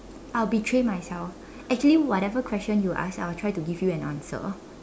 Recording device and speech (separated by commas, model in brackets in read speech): standing microphone, conversation in separate rooms